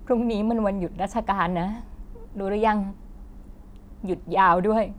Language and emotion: Thai, sad